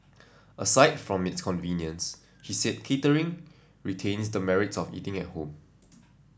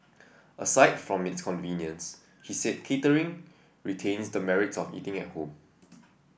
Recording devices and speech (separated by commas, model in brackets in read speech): standing microphone (AKG C214), boundary microphone (BM630), read sentence